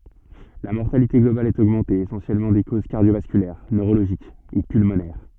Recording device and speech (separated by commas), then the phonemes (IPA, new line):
soft in-ear microphone, read sentence
la mɔʁtalite ɡlobal ɛt oɡmɑ̃te esɑ̃sjɛlmɑ̃ də koz kaʁdjovaskylɛʁ nøʁoloʒik u pylmonɛʁ